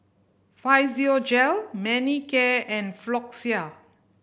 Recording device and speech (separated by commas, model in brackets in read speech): boundary microphone (BM630), read sentence